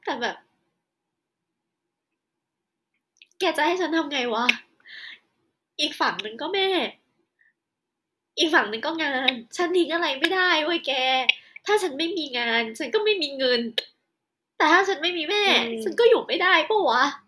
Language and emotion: Thai, sad